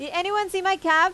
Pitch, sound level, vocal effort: 365 Hz, 95 dB SPL, very loud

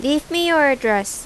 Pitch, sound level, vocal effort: 285 Hz, 89 dB SPL, loud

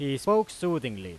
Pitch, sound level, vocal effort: 145 Hz, 96 dB SPL, very loud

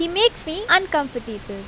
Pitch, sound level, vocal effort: 320 Hz, 88 dB SPL, very loud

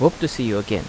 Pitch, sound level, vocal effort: 125 Hz, 83 dB SPL, normal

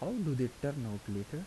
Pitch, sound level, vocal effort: 135 Hz, 79 dB SPL, soft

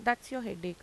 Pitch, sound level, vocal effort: 230 Hz, 86 dB SPL, normal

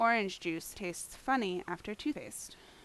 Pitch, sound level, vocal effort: 210 Hz, 81 dB SPL, normal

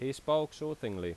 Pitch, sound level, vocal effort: 145 Hz, 89 dB SPL, loud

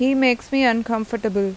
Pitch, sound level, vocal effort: 230 Hz, 87 dB SPL, normal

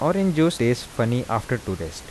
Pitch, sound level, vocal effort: 120 Hz, 83 dB SPL, soft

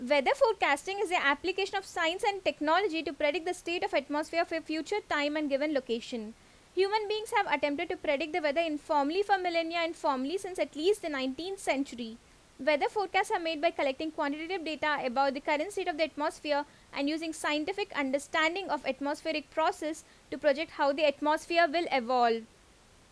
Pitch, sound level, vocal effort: 315 Hz, 87 dB SPL, very loud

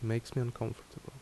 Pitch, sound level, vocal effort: 120 Hz, 72 dB SPL, soft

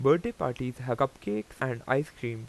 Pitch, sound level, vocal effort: 125 Hz, 88 dB SPL, normal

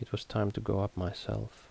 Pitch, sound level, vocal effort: 105 Hz, 71 dB SPL, soft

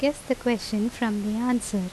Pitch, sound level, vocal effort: 230 Hz, 80 dB SPL, normal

